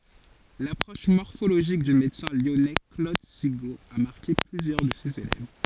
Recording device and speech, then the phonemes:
forehead accelerometer, read sentence
lapʁɔʃ mɔʁfoloʒik dy medəsɛ̃ ljɔnɛ klod siɡo a maʁke plyzjœʁ də sez elɛv

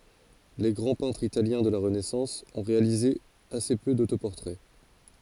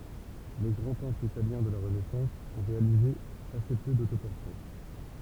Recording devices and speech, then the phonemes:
forehead accelerometer, temple vibration pickup, read sentence
le ɡʁɑ̃ pɛ̃tʁz italjɛ̃ də la ʁənɛsɑ̃s ɔ̃ ʁealize ase pø dotopɔʁtʁɛ

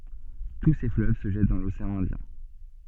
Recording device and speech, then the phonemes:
soft in-ear microphone, read sentence
tu se fløv sə ʒɛt dɑ̃ loseɑ̃ ɛ̃djɛ̃

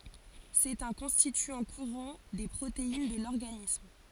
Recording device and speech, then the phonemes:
forehead accelerometer, read sentence
sɛt œ̃ kɔ̃stityɑ̃ kuʁɑ̃ de pʁotein də lɔʁɡanism

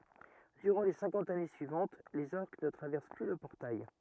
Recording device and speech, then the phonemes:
rigid in-ear microphone, read sentence
dyʁɑ̃ le sɛ̃kɑ̃t ane syivɑ̃t lez ɔʁk nə tʁavɛʁs ply lə pɔʁtaj

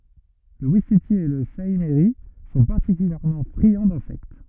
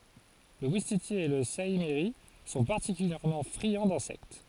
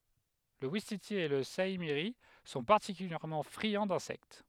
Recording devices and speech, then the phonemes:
rigid in-ear microphone, forehead accelerometer, headset microphone, read sentence
lə wistiti e lə saimiʁi sɔ̃ paʁtikyljɛʁmɑ̃ fʁiɑ̃ dɛ̃sɛkt

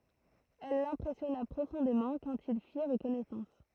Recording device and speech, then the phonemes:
throat microphone, read sentence
ɛl lɛ̃pʁɛsjɔna pʁofɔ̃demɑ̃ kɑ̃t il fiʁ kɔnɛsɑ̃s

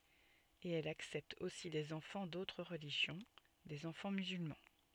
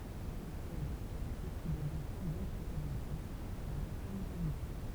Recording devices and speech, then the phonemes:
soft in-ear microphone, temple vibration pickup, read sentence
e ɛlz aksɛptt osi dez ɑ̃fɑ̃ dotʁ ʁəliʒjɔ̃ dez ɑ̃fɑ̃ myzylmɑ̃

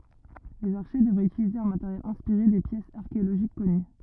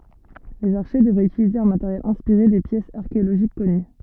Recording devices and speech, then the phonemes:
rigid in-ear microphone, soft in-ear microphone, read sentence
lez aʁʃe dəvʁɛt ytilize œ̃ mateʁjɛl ɛ̃spiʁe de pjɛsz aʁkeoloʒik kɔny

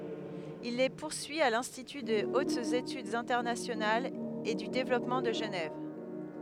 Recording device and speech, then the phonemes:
headset microphone, read sentence
il le puʁsyi a lɛ̃stity də otz etydz ɛ̃tɛʁnasjonalz e dy devlɔpmɑ̃ də ʒənɛv

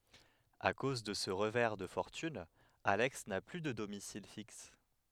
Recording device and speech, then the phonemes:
headset microphone, read sentence
a koz də sə ʁəvɛʁ də fɔʁtyn alɛks na ply də domisil fiks

